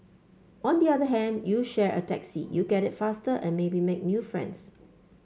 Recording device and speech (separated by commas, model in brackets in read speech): mobile phone (Samsung C5), read sentence